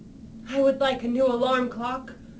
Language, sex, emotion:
English
female
sad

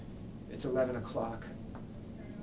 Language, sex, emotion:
English
male
sad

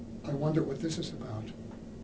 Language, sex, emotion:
English
male
neutral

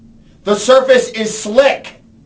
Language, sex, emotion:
English
male
angry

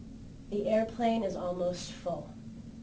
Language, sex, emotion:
English
female
neutral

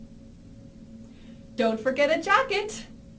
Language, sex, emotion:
English
female
happy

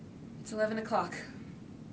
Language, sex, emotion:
English
female
disgusted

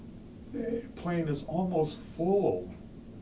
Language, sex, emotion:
English
male
sad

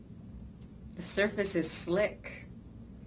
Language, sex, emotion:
English
female
neutral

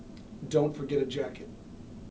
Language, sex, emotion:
English
male
neutral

